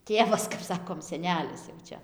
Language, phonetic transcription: Lithuanian, ˈtėvas kap ˈsakom seˈnelis jau ˈčia

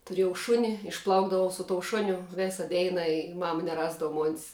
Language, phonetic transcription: Lithuanian, tuˈrėjau ˈšuni išˈplaukdavau su tou ˈšuniu ˈvėsa ˈdeina i ˈmama neˈrasdava mon's

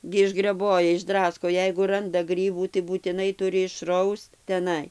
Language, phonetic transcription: Lithuanian, gi išgreˈboja išˈdrasko ˈjeigu ˈranda ˈgrybų tai būtiˈnai ˈturi išˈraust teˈnai

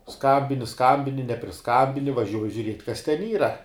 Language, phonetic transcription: Lithuanian, ˈskambini ˈskambini nepriˈskabini vaˈžiuoji žiuˈriet' kas ten ˈyra

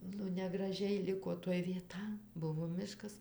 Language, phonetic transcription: Lithuanian, nu negraˈžiai ˈliko toj vieˈta ˈbuvo ˈmiškas

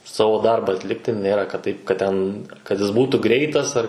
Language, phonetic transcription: Lithuanian, ˈsavo ˈdarba atˈlikti ˈnėra kad ˈtaip kad ˈten kad ˈjis ˈbūtų ˈgreitas ar

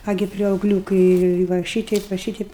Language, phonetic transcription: Lithuanian, ˈagi priauˈgliūkai va ˈšyteip va ˈšyteip

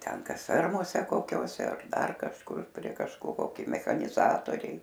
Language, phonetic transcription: Lithuanian, ˈten ˈkas ˈfermose koˈkiose ar ˈdar kažˈkur prie kažkoˈkio ˈkai mechaniˈzatoriai

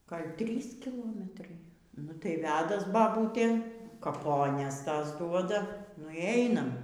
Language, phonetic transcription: Lithuanian, ˈgal' ˈtrys kiˈlometrai ˈnu tai ˈvedas baˈbūtė kaˈpones ˈtas ˈduoda nu y ˈeinam

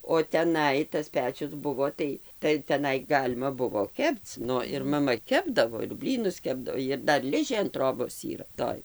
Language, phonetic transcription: Lithuanian, o teˈnai tas ˈpečius ˈbuvo ˈtai tai teˈnai ˈgalima ˈbuvo ˈkepc ˈnu ir maˈma ˈkepdavo ir ˈblynus ˈkepdav ir ˈdar ˈližė an ˈtrobos ˈyra ˈtoj

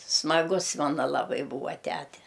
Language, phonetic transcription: Lithuanian, smaˈgus ˈmana laˈbai ˈbūva ˈtæte

